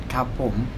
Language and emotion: Thai, neutral